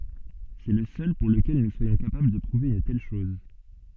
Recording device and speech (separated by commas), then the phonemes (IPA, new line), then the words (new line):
soft in-ear microphone, read sentence
sɛ lə sœl puʁ ləkɛl nu swajɔ̃ kapabl də pʁuve yn tɛl ʃɔz
C'est le seul pour lequel nous soyons capables de prouver une telle chose.